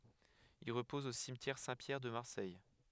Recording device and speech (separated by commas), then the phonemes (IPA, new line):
headset microphone, read sentence
il ʁəpɔz o simtjɛʁ sɛ̃tpjɛʁ də maʁsɛj